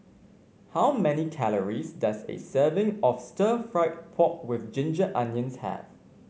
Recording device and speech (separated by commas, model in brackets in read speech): mobile phone (Samsung C5), read sentence